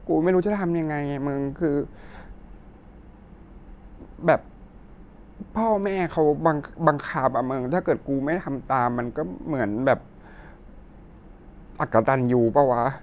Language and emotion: Thai, sad